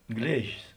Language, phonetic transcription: Lithuanian, ˈglėžis

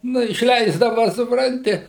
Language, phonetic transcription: Lithuanian, ˈnu išˈleisdava supˈranti

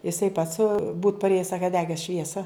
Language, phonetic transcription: Lithuanian, jiˈsai pats būt parˈėjes ˈsaka ˈdeges ˈšviesa

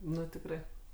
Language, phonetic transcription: Lithuanian, ˈnu tikˈrai

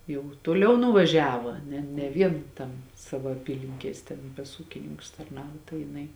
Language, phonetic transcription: Lithuanian, jau toˈliau nuvaˈžiava ˈne ne ˈvien ˈtam ˈsavo aˈpylinkies ten pas ˈūkininkus tarˈnavo tai jiˈnai

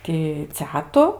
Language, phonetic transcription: Lithuanian, ti ˈcetu

